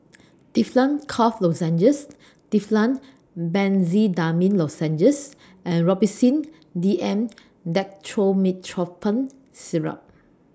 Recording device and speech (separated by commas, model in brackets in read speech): standing microphone (AKG C214), read sentence